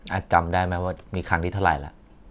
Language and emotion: Thai, frustrated